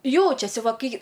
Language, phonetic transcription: Lithuanian, ˈjaučiasi ˈva ˈkai

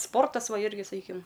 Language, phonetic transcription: Lithuanian, ˈsportas ˈva ˈirgi saˈkykim

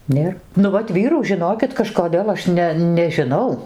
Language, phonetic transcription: Lithuanian, ˈnėr ˈnu vat ˈvyrų žiˈnokit kažkoˈdėl aš ˈne nežiˈnau

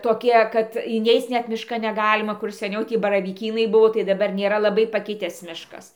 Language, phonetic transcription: Lithuanian, toˈkie kad iˈneic ˈnet miˈškan neˈgalima kur seˈniau ˈtį baravyˈkynai ˈbuvo tai daˈbar nėˈra laˈbai paˈkitęs ˈmiškas

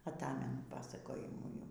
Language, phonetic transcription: Lithuanian, aˈtamenu ˈpasakojimų jau

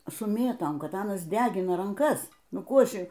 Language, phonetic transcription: Lithuanian, su ˈmėtom ˈkad ˈanas ˈdegina ranˈkas ˈnu ˈkų ˈaš

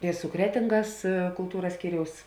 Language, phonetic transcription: Lithuanian, i su ˈkretingas kulˈtūras ˈskyriaus

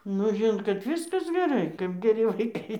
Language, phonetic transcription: Lithuanian, nu ˈžinot kad ˈviskas geˈrai kap geˈri vaiˈkai

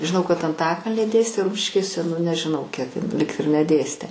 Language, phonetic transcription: Lithuanian, žiˈnau kad anˈtakalny ˈdėstė ˈrumšiškėse nu nežiˈnau kiek in lig ir neˈdėstė

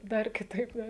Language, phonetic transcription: Lithuanian, ˈdar kiˈtaip ˈdar

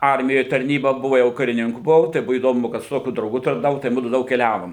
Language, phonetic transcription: Lithuanian, ˈarmijoj tarˈnyba ˈbuva jau kariˈninku buˈvau tai ˈbuvo įˈdomu kad su ˈtokiu drauˈgu tarnaˈvau tai ˈmudu ˈdaug keˈliavom

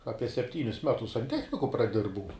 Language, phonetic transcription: Lithuanian, ˈapie sepˈtynius ˈmetus sanˈtechniku praˈdirbau

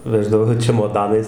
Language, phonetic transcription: Lithuanian, ˈveždavo čemoˈdanais

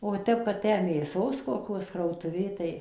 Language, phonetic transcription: Lithuanian, o ˈtep kad ˈtę mėˈsos koˈkios krautuˈvė tai

